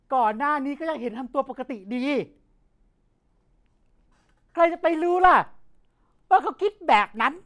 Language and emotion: Thai, angry